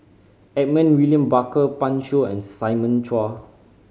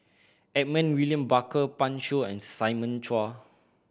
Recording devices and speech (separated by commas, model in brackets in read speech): mobile phone (Samsung C5010), boundary microphone (BM630), read sentence